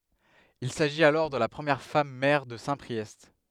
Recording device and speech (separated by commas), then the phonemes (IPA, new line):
headset microphone, read sentence
il saʒit alɔʁ də la pʁəmjɛʁ fam mɛʁ də sɛ̃pʁiɛst